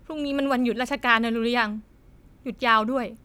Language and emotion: Thai, frustrated